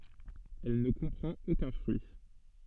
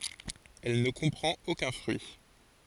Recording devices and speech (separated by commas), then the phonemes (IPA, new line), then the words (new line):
soft in-ear microphone, forehead accelerometer, read sentence
ɛl nə kɔ̃pʁɑ̃t okœ̃ fʁyi
Elle ne comprend aucun fruit.